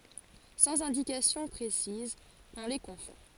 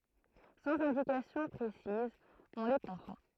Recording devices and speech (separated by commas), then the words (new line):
forehead accelerometer, throat microphone, read sentence
Sans indications précises, on les confond.